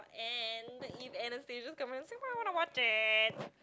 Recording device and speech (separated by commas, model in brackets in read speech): close-talking microphone, conversation in the same room